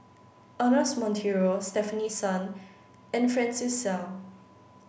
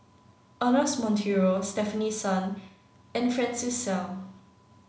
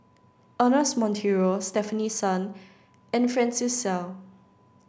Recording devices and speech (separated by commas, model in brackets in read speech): boundary microphone (BM630), mobile phone (Samsung C9), standing microphone (AKG C214), read sentence